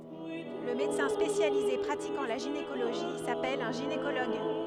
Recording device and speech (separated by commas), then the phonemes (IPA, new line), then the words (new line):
headset microphone, read sentence
lə medəsɛ̃ spesjalize pʁatikɑ̃ la ʒinekoloʒi sapɛl œ̃ ʒinekoloɡ
Le médecin spécialisé pratiquant la gynécologie s'appelle un gynécologue.